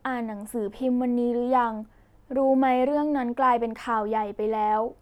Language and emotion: Thai, neutral